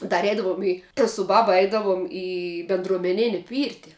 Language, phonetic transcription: Lithuanian, dar ˈeidavom ˈį tas su ˈbaba ˈeidavom ˈį bendruomeˈnini ˈpyrti

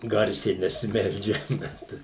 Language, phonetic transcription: Lithuanian, ˈgarsiai nesiˈmeldžiam ˈbet

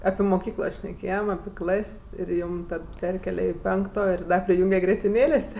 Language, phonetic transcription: Lithuanian, api moˈkyklo šneˈkėjem api ˈklas' ir ˈjūm ˈtad ˈperkėle i ˈpenkto i ˈda priˈjūnge grietiˈnėlės'

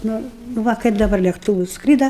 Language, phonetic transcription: Lithuanian, ˈnu nu ˈva kaip daˈbar lėkˈtūvus ˈskryda

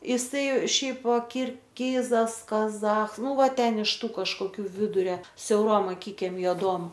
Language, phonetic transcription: Lithuanian, iˈsai ˈšiaip kirˈchizas kaˈzach ˈnu ˈva ˈten iš ˈtų kažkoˈkių ˈviduria siauˈrom aˈkikem joˈduom

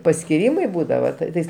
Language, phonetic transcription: Lithuanian, paskiˈrymai ˈbūdava ˈtais

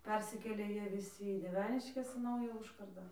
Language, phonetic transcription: Lithuanian, ˈpersikėlė ˈjie viˈsi į dieˈveniškes į ˈnaują ˈužkardą

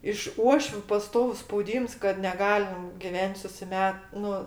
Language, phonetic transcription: Lithuanian, iš ˈuošviu paˈstovus spauˈdyms kad neˈgalim giˈven't' susiˈmet ˈnu

